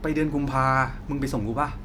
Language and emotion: Thai, neutral